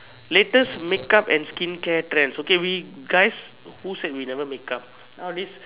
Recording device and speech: telephone, conversation in separate rooms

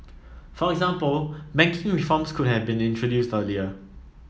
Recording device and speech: mobile phone (iPhone 7), read sentence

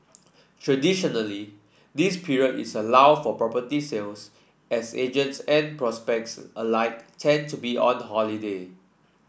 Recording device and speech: boundary microphone (BM630), read sentence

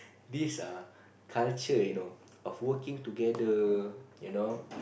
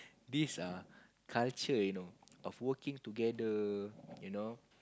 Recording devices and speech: boundary microphone, close-talking microphone, conversation in the same room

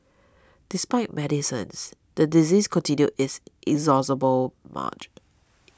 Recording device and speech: standing microphone (AKG C214), read sentence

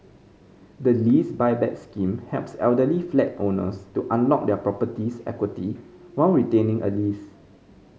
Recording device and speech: mobile phone (Samsung C5010), read sentence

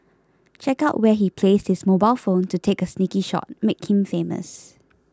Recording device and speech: close-talking microphone (WH20), read sentence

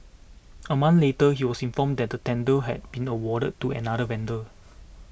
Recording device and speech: boundary microphone (BM630), read sentence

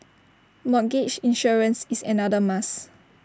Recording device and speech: standing microphone (AKG C214), read sentence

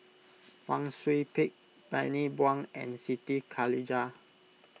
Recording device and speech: mobile phone (iPhone 6), read sentence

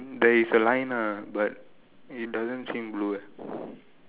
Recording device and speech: telephone, conversation in separate rooms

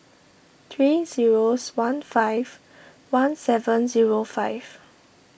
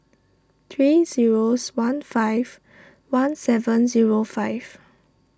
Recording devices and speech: boundary microphone (BM630), standing microphone (AKG C214), read sentence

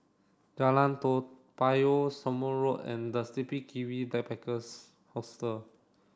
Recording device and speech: standing microphone (AKG C214), read sentence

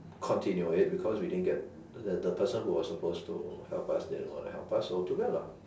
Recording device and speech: standing microphone, conversation in separate rooms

